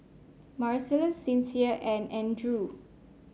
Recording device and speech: mobile phone (Samsung C5), read sentence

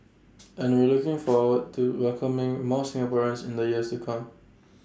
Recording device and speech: standing microphone (AKG C214), read sentence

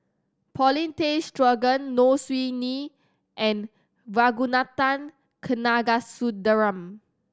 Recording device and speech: standing microphone (AKG C214), read sentence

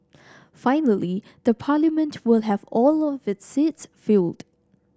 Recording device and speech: standing microphone (AKG C214), read sentence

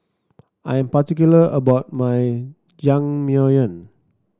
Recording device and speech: standing microphone (AKG C214), read sentence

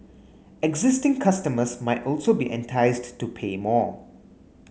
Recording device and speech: mobile phone (Samsung S8), read sentence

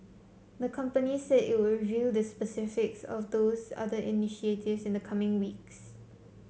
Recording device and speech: mobile phone (Samsung C7), read sentence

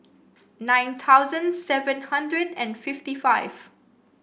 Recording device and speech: boundary microphone (BM630), read sentence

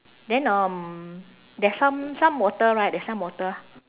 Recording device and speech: telephone, conversation in separate rooms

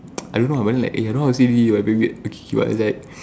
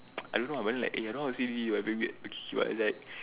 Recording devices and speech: standing microphone, telephone, conversation in separate rooms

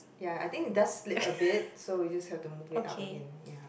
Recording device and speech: boundary microphone, conversation in the same room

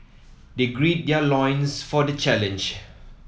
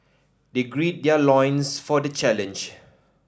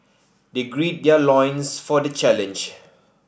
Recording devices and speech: mobile phone (iPhone 7), standing microphone (AKG C214), boundary microphone (BM630), read sentence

